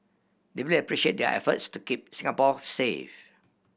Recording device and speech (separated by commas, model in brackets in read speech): boundary microphone (BM630), read sentence